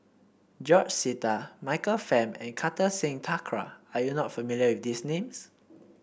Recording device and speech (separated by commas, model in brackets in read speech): boundary microphone (BM630), read sentence